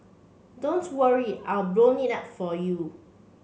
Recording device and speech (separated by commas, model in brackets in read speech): mobile phone (Samsung C7), read sentence